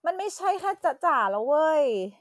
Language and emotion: Thai, frustrated